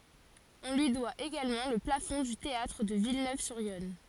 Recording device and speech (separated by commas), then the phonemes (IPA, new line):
forehead accelerometer, read sentence
ɔ̃ lyi dwa eɡalmɑ̃ lə plafɔ̃ dy teatʁ də vilnøvzyʁjɔn